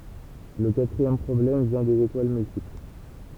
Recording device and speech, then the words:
temple vibration pickup, read sentence
Le quatrième problème vient des étoiles multiples.

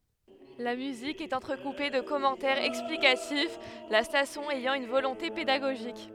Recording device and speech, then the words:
headset microphone, read sentence
La musique est entrecoupée de commentaires explicatifs, la station ayant une volonté pédagogique.

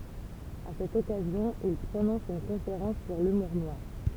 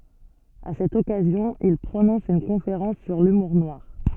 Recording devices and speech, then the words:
temple vibration pickup, soft in-ear microphone, read sentence
À cette occasion, il prononce une conférence sur l’humour noir.

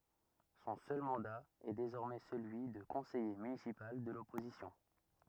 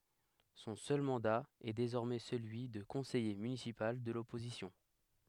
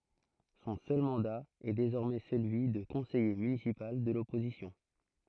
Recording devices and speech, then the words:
rigid in-ear microphone, headset microphone, throat microphone, read sentence
Son seul mandat est désormais celui de conseiller municipal de l'opposition.

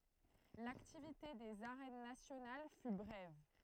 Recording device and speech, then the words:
throat microphone, read sentence
L'activité des Arènes nationales fut brève.

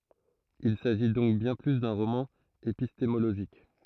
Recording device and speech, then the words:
throat microphone, read sentence
Il s'agit donc bien plus d'un roman épistémologique.

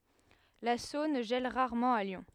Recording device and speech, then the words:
headset microphone, read sentence
La Saône gèle rarement à Lyon.

